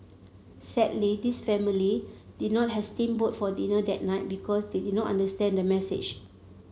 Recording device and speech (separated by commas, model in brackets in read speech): mobile phone (Samsung C7), read sentence